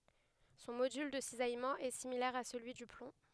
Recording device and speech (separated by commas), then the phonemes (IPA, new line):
headset microphone, read sentence
sɔ̃ modyl də sizajmɑ̃ ɛ similɛʁ a səlyi dy plɔ̃